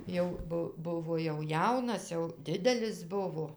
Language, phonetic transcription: Lithuanian, ˈjau ˈbu ˈbuvo jau ˈjaunas jau ˈdidelis ˈbuvo

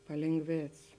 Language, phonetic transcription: Lithuanian, palėnˈgvėc

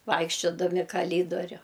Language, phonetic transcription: Lithuanian, ˈvaikščiodami kaˈlydoriu

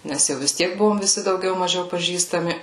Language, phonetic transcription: Lithuanian, ˈnes jau vis ˈtiek ˈbuvom viˈsi dauˈgiau maˈžiau paˈžįstami

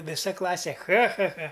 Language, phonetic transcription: Lithuanian, viˈsa ˈklasė ˈcha ˈcha ˈcha

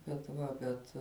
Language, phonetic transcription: Lithuanian, bet ˈva bet

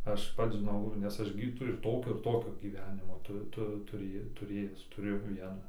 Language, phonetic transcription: Lithuanian, ˈaš ˈpats žiˈnau nes ˈaš gi tai ir ˈtokio ir ˈtokio gyˈvenimo ˈtu ˈtu tuˈrėj tuˈrėjęs tuˈrėjau ˈviena

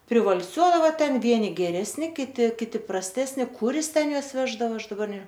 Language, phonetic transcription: Lithuanian, privalˈsiuodava ten ˈvieni geresˈni kiˈti kiˈti prasˈtesni ˈkur ˈjis ˈten ˈjuos ˈveždava ˈaš daˈbar ne

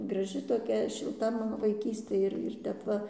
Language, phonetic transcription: Lithuanian, graˈži toˈkia šilˈta ˈmano vaiˈkystė ir ir ˈtep ˈva

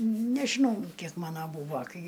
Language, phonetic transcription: Lithuanian, nežiˈnau ˈkiek ˈmana ˈbūva ˈkai

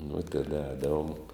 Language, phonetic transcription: Lithuanian, nu teˈda ˈēdavom

